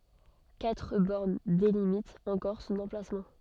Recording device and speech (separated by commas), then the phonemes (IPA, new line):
soft in-ear microphone, read sentence
katʁ bɔʁn delimitt ɑ̃kɔʁ sɔ̃n ɑ̃plasmɑ̃